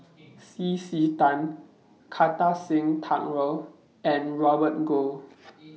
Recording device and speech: mobile phone (iPhone 6), read sentence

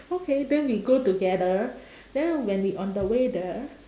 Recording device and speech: standing microphone, conversation in separate rooms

